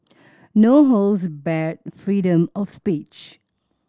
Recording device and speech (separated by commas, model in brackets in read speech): standing microphone (AKG C214), read sentence